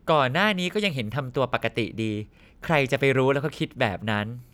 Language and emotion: Thai, frustrated